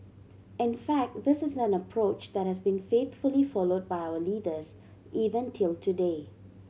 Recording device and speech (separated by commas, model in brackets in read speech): mobile phone (Samsung C7100), read sentence